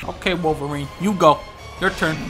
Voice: raspy voice